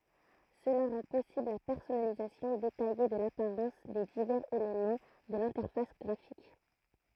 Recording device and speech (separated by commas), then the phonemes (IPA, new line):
throat microphone, read sentence
səla ʁɑ̃ pɔsibl la pɛʁsɔnalizasjɔ̃ detaje də lapaʁɑ̃s de divɛʁz elemɑ̃ də lɛ̃tɛʁfas ɡʁafik